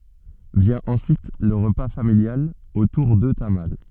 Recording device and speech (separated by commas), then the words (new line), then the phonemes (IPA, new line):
soft in-ear microphone, read sentence
Vient ensuite le repas familial autour de tamales.
vjɛ̃ ɑ̃syit lə ʁəpa familjal otuʁ də tamal